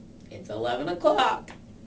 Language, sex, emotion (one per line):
English
female
neutral